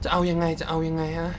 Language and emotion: Thai, frustrated